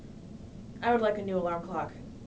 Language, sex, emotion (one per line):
English
female
neutral